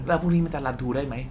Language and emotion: Thai, frustrated